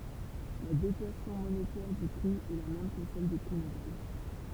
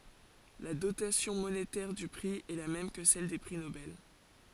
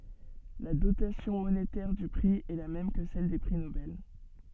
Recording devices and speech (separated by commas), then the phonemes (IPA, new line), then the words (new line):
temple vibration pickup, forehead accelerometer, soft in-ear microphone, read sentence
la dotasjɔ̃ monetɛʁ dy pʁi ɛ la mɛm kə sɛl de pʁi nobɛl
La dotation monétaire du prix est la même que celle des prix Nobel.